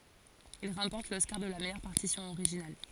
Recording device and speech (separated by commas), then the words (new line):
forehead accelerometer, read sentence
Il remporte l'Oscar de la meilleure partition originale.